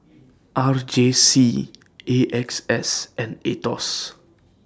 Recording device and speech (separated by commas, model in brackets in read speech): standing microphone (AKG C214), read sentence